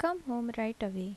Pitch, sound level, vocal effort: 230 Hz, 76 dB SPL, soft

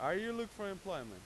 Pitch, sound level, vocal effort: 195 Hz, 96 dB SPL, very loud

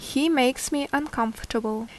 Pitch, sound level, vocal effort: 260 Hz, 75 dB SPL, normal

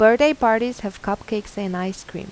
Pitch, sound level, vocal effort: 205 Hz, 87 dB SPL, normal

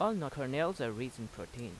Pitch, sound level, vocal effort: 125 Hz, 85 dB SPL, normal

